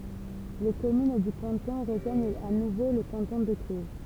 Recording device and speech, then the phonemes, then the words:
temple vibration pickup, read sentence
le kɔmyn dy kɑ̃tɔ̃ ʁəʒwaɲt a nuvo lə kɑ̃tɔ̃ də klyz
Les communes du canton rejoignent à nouveau le canton de Cluses.

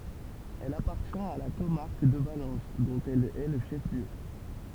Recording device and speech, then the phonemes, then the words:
temple vibration pickup, read sentence
ɛl apaʁtjɛ̃t a la komaʁk də valɑ̃s dɔ̃t ɛl ɛ lə ʃɛf ljø
Elle appartient à la comarque de Valence, dont elle est le chef-lieu.

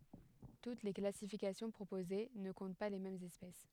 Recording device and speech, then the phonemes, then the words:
headset microphone, read sentence
tut le klasifikasjɔ̃ pʁopoze nə kɔ̃t pa le mɛmz ɛspɛs
Toutes les classifications proposées ne comptent pas les mêmes espèces.

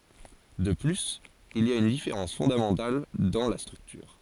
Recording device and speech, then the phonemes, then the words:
forehead accelerometer, read sentence
də plyz il i a yn difeʁɑ̃s fɔ̃damɑ̃tal dɑ̃ la stʁyktyʁ
De plus, il y a une différence fondamentale dans la structure.

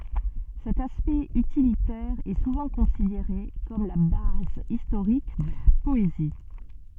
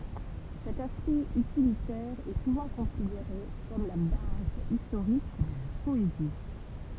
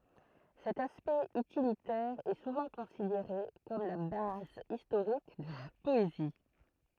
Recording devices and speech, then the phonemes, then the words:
soft in-ear microphone, temple vibration pickup, throat microphone, read sentence
sɛt aspɛkt ytilitɛʁ ɛ suvɑ̃ kɔ̃sideʁe kɔm la baz istoʁik də la pɔezi
Cet aspect utilitaire est souvent considéré comme la base historique de la poésie.

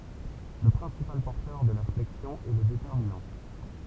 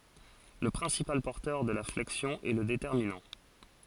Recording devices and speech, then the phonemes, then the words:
temple vibration pickup, forehead accelerometer, read sentence
lə pʁɛ̃sipal pɔʁtœʁ də la flɛksjɔ̃ ɛ lə detɛʁminɑ̃
Le principal porteur de la flexion est le déterminant.

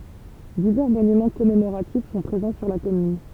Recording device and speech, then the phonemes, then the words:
temple vibration pickup, read sentence
divɛʁ monymɑ̃ kɔmemoʁatif sɔ̃ pʁezɑ̃ syʁ la kɔmyn
Divers monuments commémoratifs sont présents sur la commune.

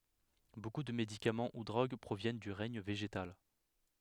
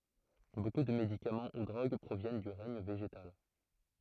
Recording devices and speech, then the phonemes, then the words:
headset microphone, throat microphone, read sentence
boku də medikamɑ̃ u dʁoɡ pʁovjɛn dy ʁɛɲ veʒetal
Beaucoup de médicaments ou drogues proviennent du règne végétal.

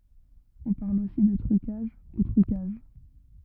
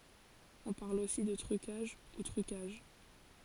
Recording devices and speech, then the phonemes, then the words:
rigid in-ear microphone, forehead accelerometer, read sentence
ɔ̃ paʁl osi də tʁykaʒ u tʁykaʒ
On parle aussi de trucages, ou truquages.

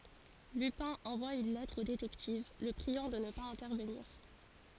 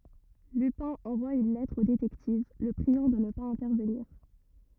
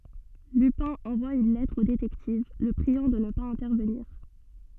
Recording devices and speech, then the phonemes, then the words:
forehead accelerometer, rigid in-ear microphone, soft in-ear microphone, read sentence
lypɛ̃ ɑ̃vwa yn lɛtʁ o detɛktiv lə pʁiɑ̃ də nə paz ɛ̃tɛʁvəniʁ
Lupin envoie une lettre au détective, le priant de ne pas intervenir.

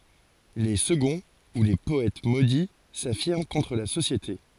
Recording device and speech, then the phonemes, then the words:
forehead accelerometer, read sentence
le səɡɔ̃ u le pɔɛt modi safiʁm kɔ̃tʁ la sosjete
Les seconds ou les Poètes Maudits s'affirment contre la société.

